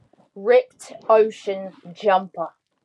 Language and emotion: English, angry